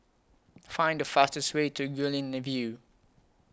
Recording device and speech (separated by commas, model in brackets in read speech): close-talking microphone (WH20), read sentence